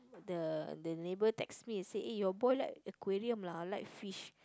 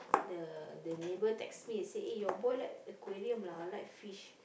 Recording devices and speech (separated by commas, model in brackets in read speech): close-talking microphone, boundary microphone, conversation in the same room